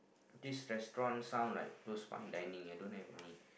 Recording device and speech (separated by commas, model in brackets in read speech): boundary microphone, conversation in the same room